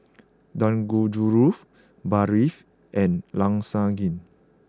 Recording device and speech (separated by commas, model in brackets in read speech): close-talking microphone (WH20), read sentence